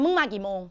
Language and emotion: Thai, angry